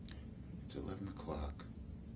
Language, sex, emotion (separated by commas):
English, male, neutral